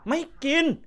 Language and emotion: Thai, angry